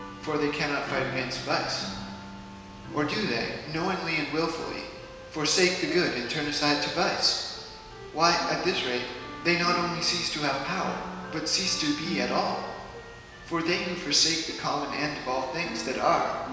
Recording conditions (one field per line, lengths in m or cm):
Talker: one person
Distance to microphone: 1.7 m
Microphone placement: close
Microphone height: 1.0 m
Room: very reverberant, large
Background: music